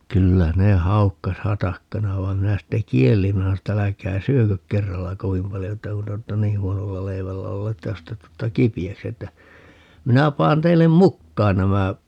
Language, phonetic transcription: Finnish, 'kyllä 'ne "haukkas "hatakkana vai̮m 'minä 'sitte "kiellim 'minä sano ‿tt ‿ » 'äläkää "syökök 'kerralla "kovim paljo » että » 'kun te ootta "nih̆ 'huonolla 'leivällä 'ollee » ‿ttä » 'jos te 'tutta "kipi₍äksi » että , » 'minä 'paan 'teillem "mukkaan 'nämä » ,.
- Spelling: kyllä ne haukkasi hatakkana vaan minä sitten kielsin minä sanoin että älkää syökö kerralla kovin paljon että kun te olette niin huonolla leivällä olleet että jos te tulette kipeäksi että minä panen teille mukaan nämä

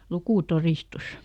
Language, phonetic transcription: Finnish, "lukùˈtoristus .
- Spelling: lukutodistus

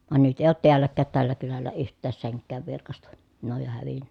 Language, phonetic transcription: Finnish, van nyt èi̮ oot tiälläkkäät tällä kylällä yht̆tääs seŋkkääv virkasta , ne oj jo hävinnä .
- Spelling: vaan nyt ei ole täälläkään tällä kylällä yhtään senkään virkaista ne on jo hävinnyt

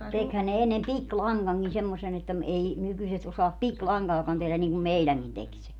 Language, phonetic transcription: Finnish, 'tekhän ne 'ennem "pik"laŋgaŋkin semmosen ‿että ‿m - 'ei , 'nykyset osaap "pik"laŋgaakan 'tehlän niiŋkum 'meiläŋkin tek se .
- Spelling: tekihän ne ennen pikilangankin semmoisen että - ei nykyiset osaa pikilankaakaan tehdä niin kuin meidänkin teki se

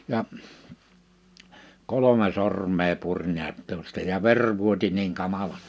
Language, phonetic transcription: Finnish, ja , 'kolome 'sorm̀ee 'puŕ niät tuosta ja 'ver vuoti niiŋ 'kamala[sti] .
- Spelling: ja kolme sormea puri näet tuosta ja veri vuoti niin kamalasti

